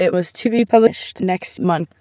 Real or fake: fake